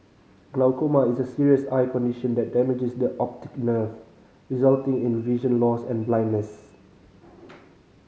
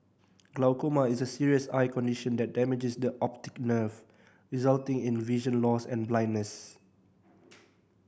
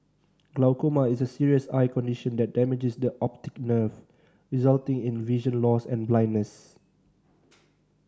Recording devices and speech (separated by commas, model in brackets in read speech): mobile phone (Samsung C5010), boundary microphone (BM630), standing microphone (AKG C214), read sentence